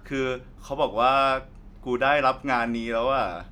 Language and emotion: Thai, happy